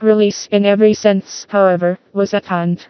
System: TTS, vocoder